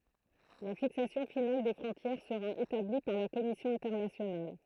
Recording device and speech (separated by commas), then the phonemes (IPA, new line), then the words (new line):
throat microphone, read sentence
la fiksasjɔ̃ final de fʁɔ̃tjɛʁ səʁa etabli paʁ la kɔmisjɔ̃ ɛ̃tɛʁnasjonal
La fixation finale des frontières sera établie par la commission internationale.